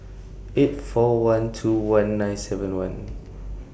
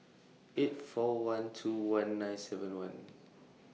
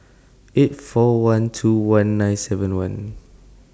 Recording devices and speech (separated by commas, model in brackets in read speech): boundary microphone (BM630), mobile phone (iPhone 6), standing microphone (AKG C214), read sentence